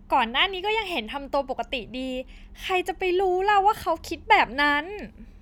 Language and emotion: Thai, happy